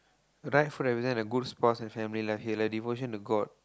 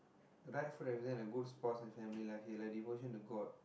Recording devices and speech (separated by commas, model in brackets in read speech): close-talking microphone, boundary microphone, conversation in the same room